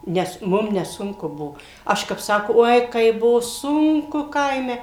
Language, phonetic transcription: Lithuanian, ˈnes ˈmum neˈsunku ˈbuo ˈaš kap ˈsako ˈoi ˈkaip ˈbuvo ˈsunku ˈkaime

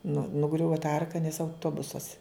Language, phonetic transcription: Lithuanian, nu nuˈgriuva ta ˈarka nes auˈtobusas

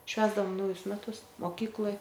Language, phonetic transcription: Lithuanian, ˈšvęsdavom ˈnaujus meˈtus moˈkykloj

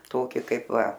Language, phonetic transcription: Lithuanian, ˈtoki ˈkaip ˈva

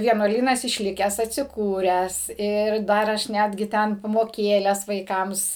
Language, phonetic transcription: Lithuanian, vienuoˈlynas išˈlikęs atsiˈkūręs ˈir ˈdar ˈaš ˈnetgi ˈten pamoˈkėles vaiˈkams

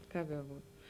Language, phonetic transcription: Lithuanian, ˈkap beˈbūt

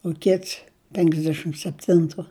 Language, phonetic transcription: Lithuanian, u ˈkits penksˈdešim sepˈtintu

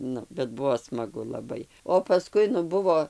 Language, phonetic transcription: Lithuanian, ˈnu bet ˈbuo smaˈgu laˈbai o paˈskui nu ˈbuvo

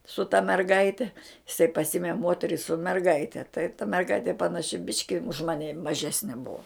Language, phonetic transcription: Lithuanian, su ta merˈgaite iˈsai paˈsime ˈmoteri su merˈgaite tai ta merˈgaitė panaˈši ˈbiški už ˈmani maˈžesni ˈbua

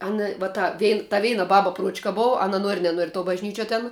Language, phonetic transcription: Lithuanian, ˈana va ˈta ˈvein ta ˈveina ˈbaba ˈpruočka ˈbov ˈana ˈnuori neˈnuori tuo bažˈnyčiuo ten

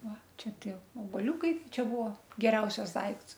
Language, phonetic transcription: Lithuanian, ˈva ˈčia ˈtie obaˈliūkai ˈčia ˈbuvo geˈriausias ˈdaikts

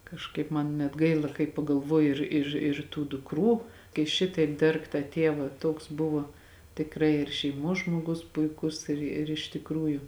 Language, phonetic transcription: Lithuanian, kažˈkaip man net ˈgaila kai pagalˈvoju ˈir ir ir tų dukˈrų kai ˈšitaip ˈderg tą ˈtėvą ˈtoks ˈbuvo tikˈrai ir šeiˈmos žmoˈgus puiˈkus ir ir iš tikˈrųju

